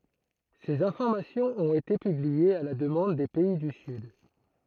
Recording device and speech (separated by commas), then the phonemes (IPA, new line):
throat microphone, read sentence
sez ɛ̃fɔʁmasjɔ̃z ɔ̃t ete pybliez a la dəmɑ̃d de pɛi dy syd